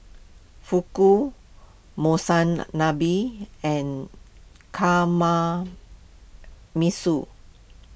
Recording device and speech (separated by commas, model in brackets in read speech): boundary microphone (BM630), read sentence